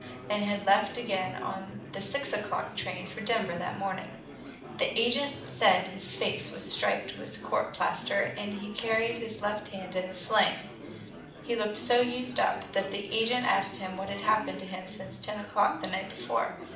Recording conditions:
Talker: one person; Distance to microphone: 2.0 m; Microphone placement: close; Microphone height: 99 cm; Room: medium-sized (5.7 m by 4.0 m); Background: babble

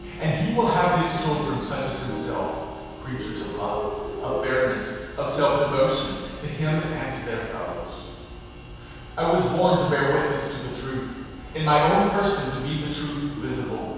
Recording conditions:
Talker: one person; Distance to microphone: 7.1 m; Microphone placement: far; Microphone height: 1.7 m; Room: very reverberant, large; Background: music

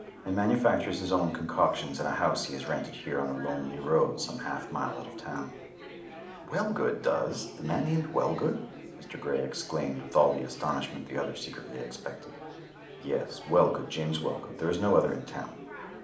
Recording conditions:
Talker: one person; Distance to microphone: 2.0 m; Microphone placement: close; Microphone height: 99 cm; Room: medium-sized (5.7 m by 4.0 m); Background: babble

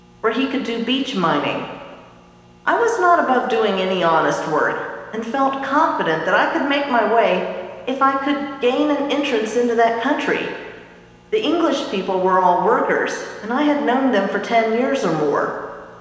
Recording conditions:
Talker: one person; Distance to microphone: 1.7 m; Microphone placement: close; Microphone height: 1.0 m; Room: very reverberant, large; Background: none

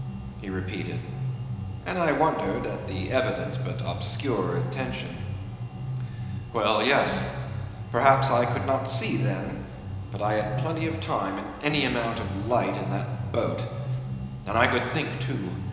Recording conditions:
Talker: one person; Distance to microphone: 1.7 m; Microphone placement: close; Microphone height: 1.0 m; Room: very reverberant, large; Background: music

